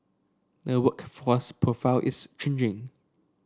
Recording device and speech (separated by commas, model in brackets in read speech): standing microphone (AKG C214), read sentence